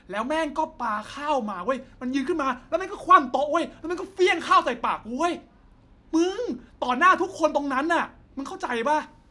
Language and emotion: Thai, angry